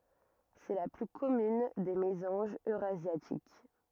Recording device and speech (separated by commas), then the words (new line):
rigid in-ear microphone, read sentence
C'est la plus commune des mésanges eurasiatiques.